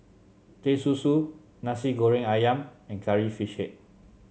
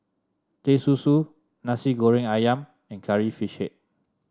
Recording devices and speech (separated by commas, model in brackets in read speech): mobile phone (Samsung C7), standing microphone (AKG C214), read sentence